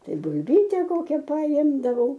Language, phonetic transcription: Lithuanian, ˈtai bulˈbyte ˈkokia paˈimdavau

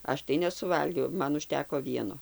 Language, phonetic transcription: Lithuanian, ˈaš tai nesuˈvalgiau ˈman užˈteko ˈvieno

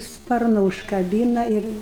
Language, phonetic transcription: Lithuanian, ˈsparnu užkaˈbyna ˈir

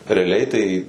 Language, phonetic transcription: Lithuanian, reaˈliai tai

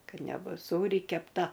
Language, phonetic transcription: Lithuanian, ˈkad neˈbus ˈsūri kepˈta

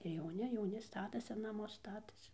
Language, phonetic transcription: Lithuanian, ir jauˈni jauˈni ˈstatasi naˈmus ˈstatasi

